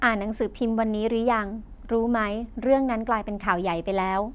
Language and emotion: Thai, neutral